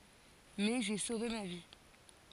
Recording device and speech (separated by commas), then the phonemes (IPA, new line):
forehead accelerometer, read sentence
mɛ ʒe sove ma vi